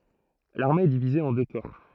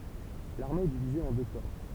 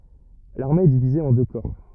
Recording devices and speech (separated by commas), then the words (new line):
throat microphone, temple vibration pickup, rigid in-ear microphone, read sentence
L'armée est divisée en deux corps.